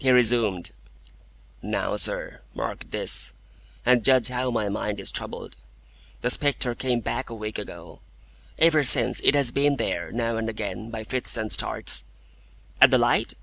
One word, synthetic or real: real